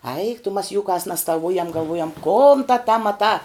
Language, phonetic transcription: Lithuanian, aik tu mas jūˈkās nestaˈvujam galˈvujam kon ta ta maˈtā

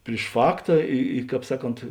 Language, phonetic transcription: Lithuanian, priš ˈfakta i i ˈkāp ˈsaˌkont

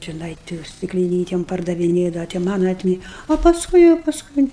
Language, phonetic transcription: Lithuanian, čeˈnai ti stikliˈnytem pardaviˈnėdava ti ˈmana atˈmi o pasˈkui jau pasˈkui

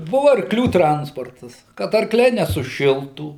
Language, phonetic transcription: Lithuanian, ˈbuvu arkˈlių ˈtransportas kad arˈkliai nesuˈšiltų

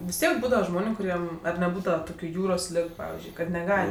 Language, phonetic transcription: Lithuanian, vis ˈtiek ˈbūdava ˈžmoniu kuˈriem ar neˈbūdava ˈtokiu ˈjūros ˈlig ˈpavizdžiui kad neˈgal'

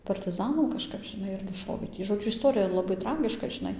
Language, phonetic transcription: Lithuanian, partiˈzanam kažˈkap žiˈnai ir nuˈšovė tį žoˈdžiu isˈ torija laˈbai ˈtragiška žiˈnai

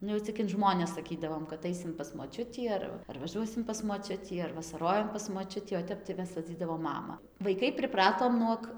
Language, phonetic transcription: Lithuanian, ˈnu jau cik in ˈžmones saˈkydavom kad ˈaisim pas moˈčiutį ˈar va ar vaˈžuosim pas moˈčiutį ar vasaˈrojam pas moˈčiutį o ˈtep tai ˈmes vaˈdzydavom ˈmama vaiˈkai priˈpratom ˈnuog

